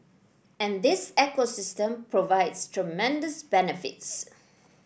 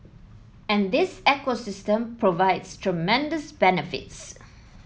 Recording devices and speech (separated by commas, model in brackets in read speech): boundary microphone (BM630), mobile phone (iPhone 7), read sentence